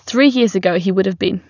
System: none